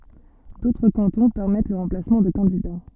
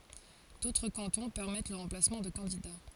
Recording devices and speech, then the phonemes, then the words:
soft in-ear microphone, forehead accelerometer, read sentence
dotʁ kɑ̃tɔ̃ pɛʁmɛt lə ʁɑ̃plasmɑ̃ də kɑ̃dida
D'autres cantons permettent le remplacement de candidats.

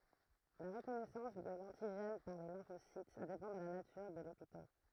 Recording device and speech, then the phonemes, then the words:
throat microphone, read sentence
la ʁəkɔnɛsɑ̃s də lɑ̃tiʒɛn paʁ le lɛ̃fosit depɑ̃ də la natyʁ də lepitɔp
La reconnaissance de l'antigène par les lymphocytes dépend de la nature de l'épitope.

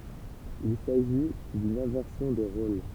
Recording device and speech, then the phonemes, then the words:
temple vibration pickup, read sentence
il saʒi dyn ɛ̃vɛʁsjɔ̃ de ʁol
Il s'agit d'une inversion des rôles.

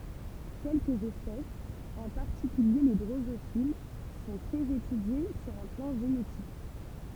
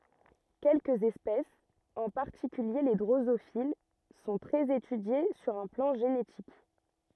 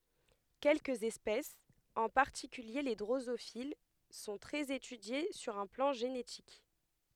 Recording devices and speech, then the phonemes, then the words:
temple vibration pickup, rigid in-ear microphone, headset microphone, read sentence
kɛlkəz ɛspɛsz ɑ̃ paʁtikylje le dʁozofil sɔ̃ tʁɛz etydje syʁ œ̃ plɑ̃ ʒenetik
Quelques espèces, en particulier les drosophiles, sont très étudiées sur un plan génétique.

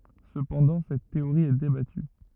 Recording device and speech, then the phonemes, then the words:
rigid in-ear microphone, read sentence
səpɑ̃dɑ̃ sɛt teoʁi ɛ debaty
Cependant, cette théorie est débattue.

